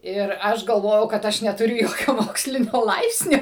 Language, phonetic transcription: Lithuanian, ˈir ˈaš galˈvojau kad ˈaš netuˈriu ˈjokio ˈmokslinio ˈlaipsnio

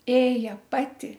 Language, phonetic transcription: Lithuanian, ˈėja ˈpati

